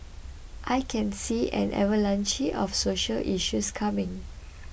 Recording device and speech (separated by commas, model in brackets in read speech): boundary microphone (BM630), read sentence